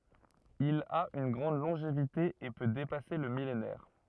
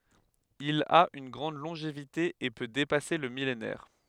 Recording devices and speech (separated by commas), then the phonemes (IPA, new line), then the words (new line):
rigid in-ear microphone, headset microphone, read sentence
il a yn ɡʁɑ̃d lɔ̃ʒevite e pø depase lə milenɛʁ
Il a une grande longévité et peut dépasser le millénaire.